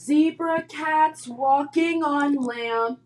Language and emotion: English, sad